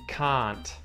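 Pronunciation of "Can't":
In 'can't', the t at the end is pronounced, not muted.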